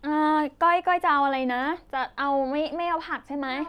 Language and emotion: Thai, neutral